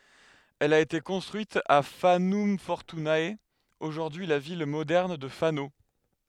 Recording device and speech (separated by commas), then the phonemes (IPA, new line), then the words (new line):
headset microphone, read sentence
ɛl a ete kɔ̃stʁyit a fanɔm fɔʁtyne oʒuʁdyi la vil modɛʁn də fano
Elle a été construite à Fanum Fortunae, aujourd’hui la ville moderne de Fano.